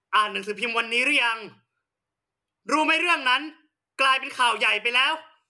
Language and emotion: Thai, angry